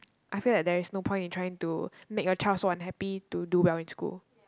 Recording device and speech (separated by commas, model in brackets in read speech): close-talking microphone, conversation in the same room